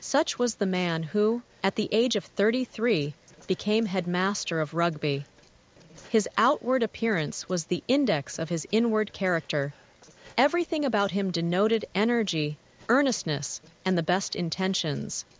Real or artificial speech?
artificial